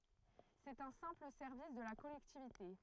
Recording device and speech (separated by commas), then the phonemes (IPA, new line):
throat microphone, read sentence
sɛt œ̃ sɛ̃pl sɛʁvis də la kɔlɛktivite